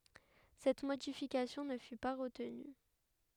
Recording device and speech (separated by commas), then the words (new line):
headset microphone, read sentence
Cette modification ne fut pas retenue.